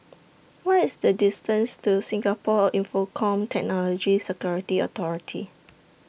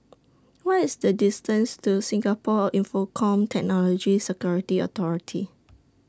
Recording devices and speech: boundary microphone (BM630), standing microphone (AKG C214), read sentence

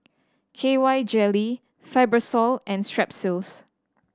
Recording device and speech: standing microphone (AKG C214), read sentence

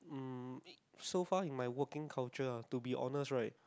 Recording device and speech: close-talking microphone, conversation in the same room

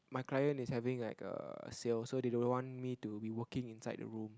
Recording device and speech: close-talking microphone, conversation in the same room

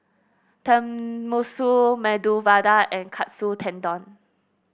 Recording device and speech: boundary microphone (BM630), read sentence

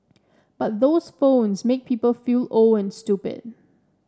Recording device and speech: standing microphone (AKG C214), read sentence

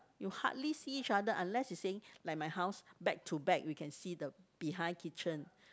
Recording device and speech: close-talking microphone, conversation in the same room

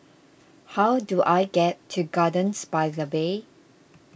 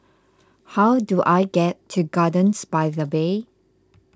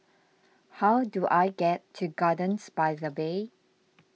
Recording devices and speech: boundary microphone (BM630), close-talking microphone (WH20), mobile phone (iPhone 6), read sentence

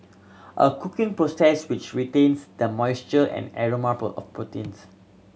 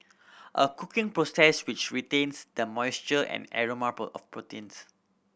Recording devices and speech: mobile phone (Samsung C7100), boundary microphone (BM630), read sentence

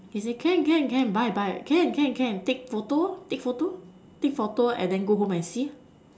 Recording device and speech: standing microphone, conversation in separate rooms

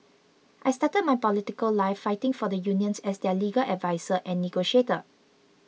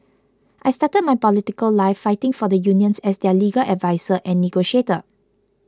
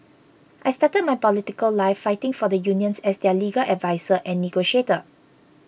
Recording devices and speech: mobile phone (iPhone 6), close-talking microphone (WH20), boundary microphone (BM630), read sentence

